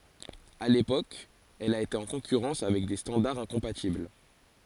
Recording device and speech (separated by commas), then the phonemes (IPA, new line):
forehead accelerometer, read sentence
a lepok ɛl a ete ɑ̃ kɔ̃kyʁɑ̃s avɛk de stɑ̃daʁz ɛ̃kɔ̃patibl